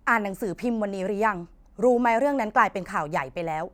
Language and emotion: Thai, angry